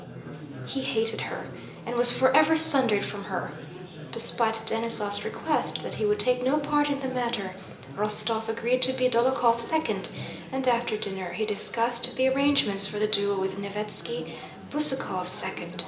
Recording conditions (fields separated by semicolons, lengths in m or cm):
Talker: one person; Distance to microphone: 1.8 m; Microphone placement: close; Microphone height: 1.0 m; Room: large; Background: babble